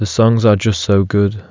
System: none